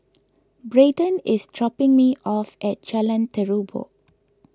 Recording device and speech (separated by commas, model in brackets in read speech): close-talking microphone (WH20), read sentence